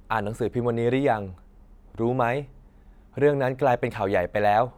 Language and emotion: Thai, neutral